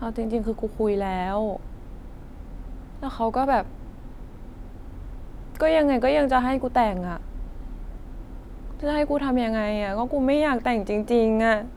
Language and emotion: Thai, sad